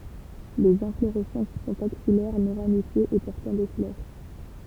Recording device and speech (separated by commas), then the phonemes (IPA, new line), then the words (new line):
temple vibration pickup, read sentence
lez ɛ̃floʁɛsɑ̃s sɔ̃t aksijɛʁ nɔ̃ ʁamifjez e pɔʁtɑ̃ de flœʁ
Les inflorescences sont axillaires, non ramifiées et portant des fleurs.